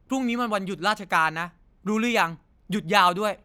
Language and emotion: Thai, frustrated